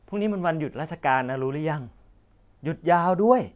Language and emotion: Thai, happy